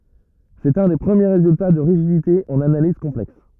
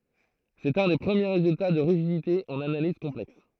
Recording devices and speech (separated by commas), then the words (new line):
rigid in-ear microphone, throat microphone, read sentence
C'est un des premiers résultats de rigidité en analyse complexe.